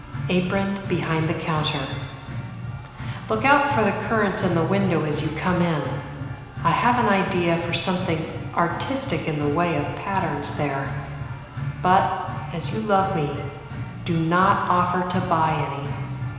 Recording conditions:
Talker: one person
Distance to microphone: 1.7 m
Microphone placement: close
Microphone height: 1.0 m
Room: very reverberant, large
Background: music

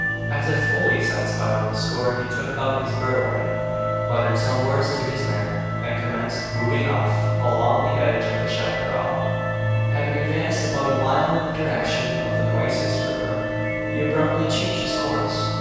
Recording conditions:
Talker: one person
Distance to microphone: 7.1 m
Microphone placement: far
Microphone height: 1.7 m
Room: very reverberant, large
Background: music

